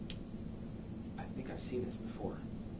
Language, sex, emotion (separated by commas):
English, male, neutral